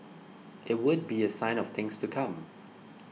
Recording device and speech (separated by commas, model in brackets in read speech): mobile phone (iPhone 6), read sentence